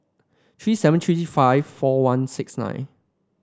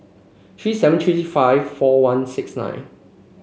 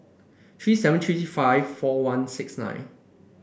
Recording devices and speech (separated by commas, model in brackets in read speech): standing microphone (AKG C214), mobile phone (Samsung C5), boundary microphone (BM630), read sentence